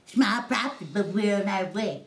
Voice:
in funny voice